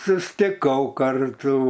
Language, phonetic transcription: Lithuanian, sustiˈkau ˈkartų

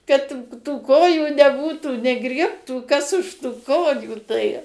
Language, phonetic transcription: Lithuanian, kad tų ˈkojų neˈbūtų neˈgriebtų kas už tu ˈkojų tai

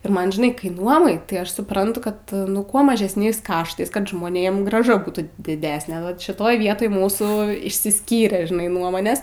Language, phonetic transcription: Lithuanian, ir ˈman žiˈnai kai ˈnuomai tai ˈaš suˈprantu ˈkad ˈkuo mažesˈniais ˈkaštais kad žmoˈnėm grąˈža ˈbūtų diˈdesne vat šiˈtoj ˈvietoj ˈmūsų išsiˈskyrė žiˈnai ˈnuomonės

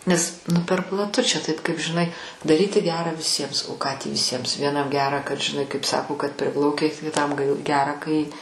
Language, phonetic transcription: Lithuanian, nes ˈnu per plaˈtu čia ˈtaip kaip žiˈnai daˈryti ˈgerą viˈsiems o ką tį viˈsiems vieˈnam ˈgerą kad žiˈnai kaip ˈsako kad ˈpriplaukei kiˈtam g ˈgera kai

